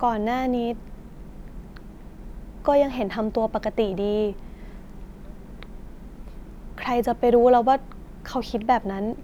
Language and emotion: Thai, sad